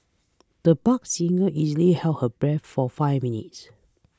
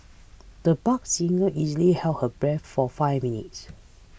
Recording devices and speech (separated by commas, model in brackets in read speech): close-talking microphone (WH20), boundary microphone (BM630), read sentence